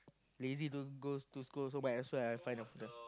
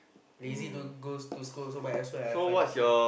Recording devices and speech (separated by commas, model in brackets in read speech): close-talking microphone, boundary microphone, conversation in the same room